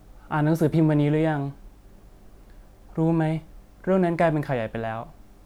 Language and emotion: Thai, neutral